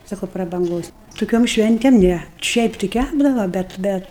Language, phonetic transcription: Lithuanian, ˈsako prabanˈgos toˈkiom ˈšventėm ˈnæ ˈšiaip ti ˈkæpdava ˈbet ˈbet

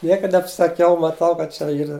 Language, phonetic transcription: Lithuanian, ˈnieka nebsaˈkiau maˈtau kad čia ˈyra

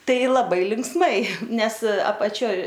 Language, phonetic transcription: Lithuanian, ˈtai laˈbai linksˈmai ˈnes apaˈčioj

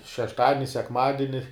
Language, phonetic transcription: Lithuanian, šešˈtadini sekˈmadini

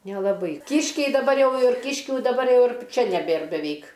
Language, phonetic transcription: Lithuanian, nelaˈbai ˈkyškiai daˈbar ˈjau ir ˈkyškių daˈbar ˈjau ir ˈčia neˈbėr beˈveik

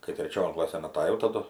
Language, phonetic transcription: Lithuanian, kai treˈčion ˈklasėn ataˈjau taˈdu

